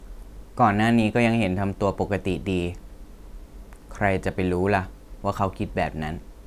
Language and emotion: Thai, neutral